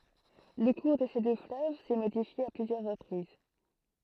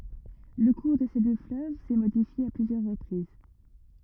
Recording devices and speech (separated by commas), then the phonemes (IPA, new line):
throat microphone, rigid in-ear microphone, read sentence
lə kuʁ də se dø fløv sɛ modifje a plyzjœʁ ʁəpʁiz